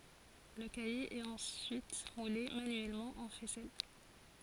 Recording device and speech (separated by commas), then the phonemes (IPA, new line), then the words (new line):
forehead accelerometer, read sentence
lə kaje ɛt ɑ̃syit mule manyɛlmɑ̃ ɑ̃ fɛsɛl
Le caillé est ensuite moulé manuellement en faisselle.